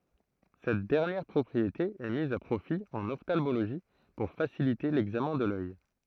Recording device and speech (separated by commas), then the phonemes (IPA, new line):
throat microphone, read sentence
sɛt dɛʁnjɛʁ pʁɔpʁiete ɛ miz a pʁofi ɑ̃n ɔftalmoloʒi puʁ fasilite lɛɡzamɛ̃ də lœj